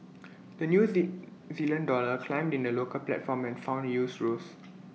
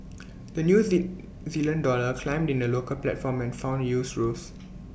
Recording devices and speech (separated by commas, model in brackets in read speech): mobile phone (iPhone 6), boundary microphone (BM630), read sentence